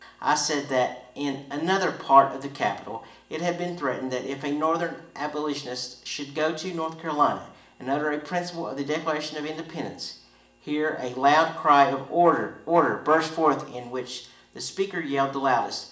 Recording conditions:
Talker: one person; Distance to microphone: 1.8 m; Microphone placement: close; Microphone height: 1.0 m; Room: large; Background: none

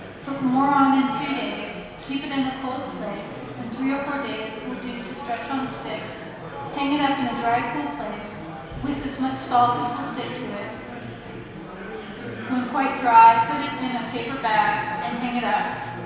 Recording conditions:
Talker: one person; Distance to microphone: 1.7 m; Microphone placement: close; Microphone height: 1.0 m; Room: very reverberant, large; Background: babble

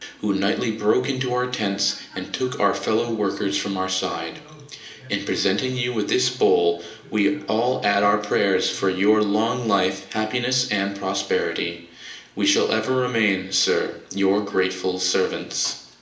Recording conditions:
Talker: one person; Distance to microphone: 1.8 m; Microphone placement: close; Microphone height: 1.0 m; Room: large; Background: television

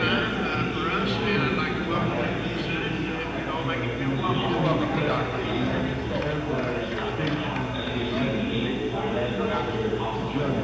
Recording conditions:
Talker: no one; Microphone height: 1.1 m; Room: very reverberant, large; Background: babble

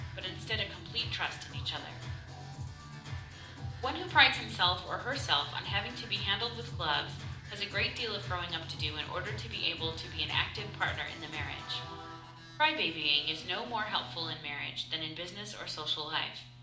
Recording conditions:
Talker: one person; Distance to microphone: 2.0 m; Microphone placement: close; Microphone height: 99 cm; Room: medium-sized (5.7 m by 4.0 m); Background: music

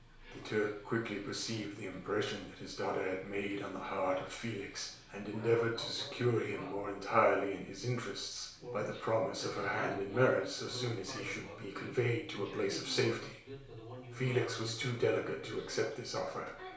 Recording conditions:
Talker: one person; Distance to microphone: 1.0 m; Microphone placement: close; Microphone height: 1.1 m; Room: small (3.7 m by 2.7 m); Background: television

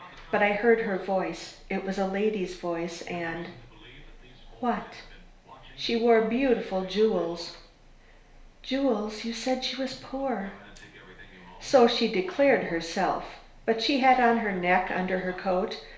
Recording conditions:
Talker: one person; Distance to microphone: 1.0 m; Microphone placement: close; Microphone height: 1.1 m; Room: small (3.7 m by 2.7 m); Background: television

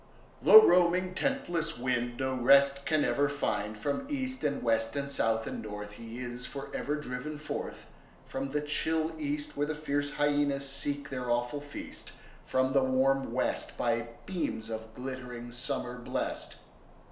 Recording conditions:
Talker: one person; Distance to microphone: 1.0 m; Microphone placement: close; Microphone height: 1.1 m; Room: small (3.7 m by 2.7 m); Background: none

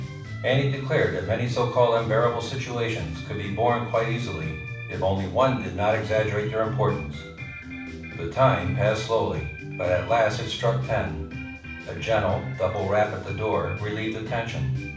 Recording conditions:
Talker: one person; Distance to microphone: 5.8 m; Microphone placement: far; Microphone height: 1.8 m; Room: medium-sized (5.7 m by 4.0 m); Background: music

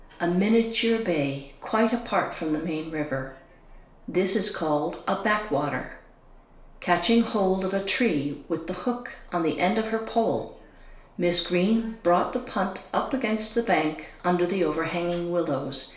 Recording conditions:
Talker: one person; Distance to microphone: 1.0 m; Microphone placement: close; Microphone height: 1.1 m; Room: small (3.7 m by 2.7 m); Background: television

